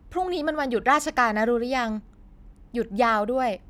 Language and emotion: Thai, frustrated